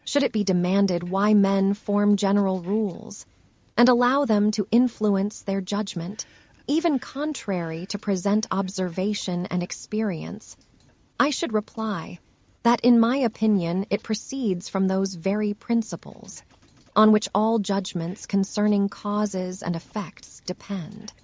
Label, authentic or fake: fake